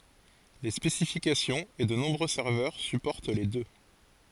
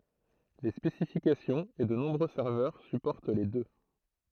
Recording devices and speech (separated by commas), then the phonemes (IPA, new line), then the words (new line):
forehead accelerometer, throat microphone, read sentence
le spesifikasjɔ̃z e də nɔ̃bʁø sɛʁvœʁ sypɔʁt le dø
Les spécifications et de nombreux serveurs supportent les deux.